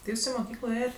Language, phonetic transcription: Lithuanian, ti ˈjūs i moˈkyklo ˈėjet

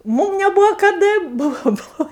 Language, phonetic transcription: Lithuanian, ˈmūm neˈbuvo kaˈda ˈbuvo ˈbuvo

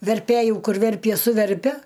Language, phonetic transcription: Lithuanian, verˈpæju ˈkur ˈverpie suˈverpia

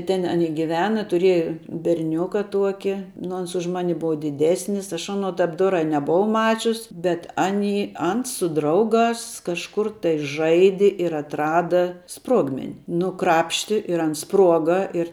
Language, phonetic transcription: Lithuanian, ten aˈni giˈvena tuˈrieja berˈniuka ˈtuoki nu ˈans už ˈmani ˈbuva diˈdesnis ˈaš ˈano ˈtap ˈdorā i neboˈvau ˈmačius bet ˈany ˈans su ˈdrauˌgās kažˈkur tai ˈžaidi ir atˈrada ˈspruogmeni ˈnu ˈkrapšti ir ˈans ˈspruoga ir

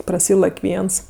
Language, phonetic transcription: Lithuanian, praˈsylak' ˈviens

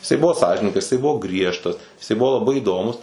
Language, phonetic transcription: Lithuanian, jiˈsai ˈbuvo ˈsąžiningas jiˈsai ˈbuvo ˈgriežtas jiˈsai ˈbuvo laˈbai įˈdomus

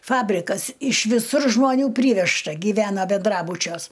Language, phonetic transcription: Lithuanian, ˈfabrikas iš viˈsur žmoˈnių ˈpryvežta gyˈvena benˈdrabučiuos

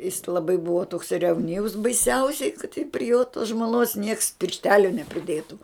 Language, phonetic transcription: Lithuanian, jis laˈbai ˈbuvo toks revˈnyvs baiˈsiausiai kad tik pri jo tos žmoˈnos nieks piršˈtelio nepriˈdėtu

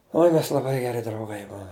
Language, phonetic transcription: Lithuanian, ˈoi mes laˈbai geˈri drauˈgai ˈbuom

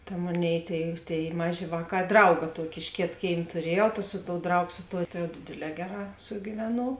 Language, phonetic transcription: Lithuanian, ta ˈmoˌnėi ˈtėi ˈtėi ˈmaˌžė ˈvāˌkā ˈdrauga ˈtuoki iš ˈkėt ˈkėim tuˈriejau ta ˈsu ˌtou ˈdraugo ˈsu ˌtou ta jau ˈdėdėˌlē ˈgeˌrā sugiˈvenuov

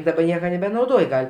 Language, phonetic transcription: Lithuanian, daˈba ˈnieka nebenauˈdoj ˈgal'

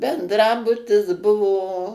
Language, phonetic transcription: Lithuanian, bendˈrabutis ˈbuvo

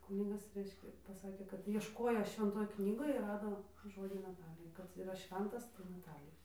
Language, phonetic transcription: Lithuanian, ˈkūnigas ˈreiškia paˈsakė kad iešˈkojo švenˈtoj ˈknygoj ir ˈrado ˈžodžiu naˈtalija kad yˈra ˈšventas tai naˈtalija

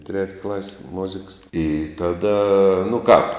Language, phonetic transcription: Lithuanian, tret' klas' ˈmoziks i ˈtaˌda nu kāp

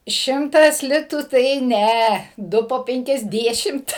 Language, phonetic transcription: Lithuanian, ˈšimtas ˈlitų tai ˈne ˈdu po ˌpenkiasˈdešimt

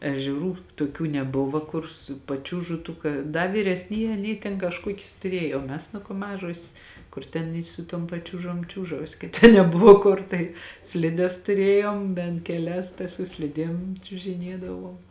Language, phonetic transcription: Lithuanian, ežeˈrų toˈkių neˈbuvo ˈkur su paˈčiūžu tų ˈka ˈda vyresˈnyjē aˈnyj tėn kažˈkuokis tuˈrėjo o ˈmes nu ko ˈmažosės ˈkur ten i su ˈtuom paˈčiūžom ˈčiūžausi kad ˈten ˈnebuvo ˈkur tai ˈslides tuˈrėjom bent keˈlias ta su ˈslidiem čiužiˈniedavom

